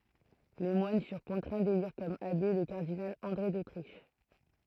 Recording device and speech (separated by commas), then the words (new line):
throat microphone, read sentence
Les moines furent contraints d'élire comme abbé, le cardinal André d'Autriche.